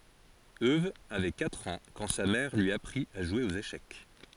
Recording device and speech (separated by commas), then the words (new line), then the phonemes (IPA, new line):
forehead accelerometer, read sentence
Euwe avait quatre ans quand sa mère lui apprit à jouer aux échecs.
øw avɛ katʁ ɑ̃ kɑ̃ sa mɛʁ lyi apʁit a ʒwe oz eʃɛk